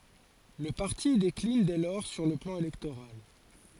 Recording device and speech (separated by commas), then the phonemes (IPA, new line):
forehead accelerometer, read sentence
lə paʁti deklin dɛ lɔʁ syʁ lə plɑ̃ elɛktoʁal